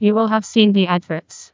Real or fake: fake